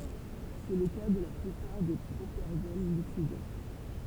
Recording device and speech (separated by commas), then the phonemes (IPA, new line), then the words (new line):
temple vibration pickup, read sentence
sɛ lə ka də la plypaʁ de pʁopɛʁɡɔl likid
C'est le cas de la plupart des propergols liquides.